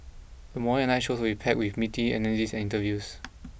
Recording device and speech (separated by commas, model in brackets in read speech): boundary microphone (BM630), read sentence